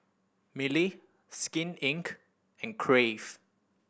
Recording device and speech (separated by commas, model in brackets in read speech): boundary microphone (BM630), read sentence